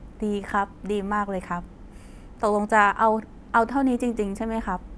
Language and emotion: Thai, neutral